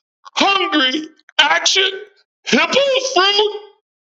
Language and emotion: English, surprised